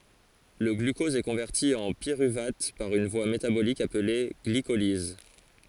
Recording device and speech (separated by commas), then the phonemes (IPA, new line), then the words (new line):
forehead accelerometer, read sentence
lə ɡlykɔz ɛ kɔ̃vɛʁti ɑ̃ piʁyvat paʁ yn vwa metabolik aple ɡlikoliz
Le glucose est converti en pyruvate par une voie métabolique appelée glycolyse.